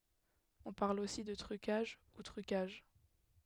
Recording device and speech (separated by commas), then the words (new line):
headset microphone, read sentence
On parle aussi de trucages, ou truquages.